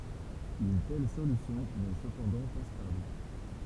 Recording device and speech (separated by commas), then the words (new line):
temple vibration pickup, read sentence
Une telle solution n'est cependant pas stable.